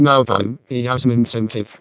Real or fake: fake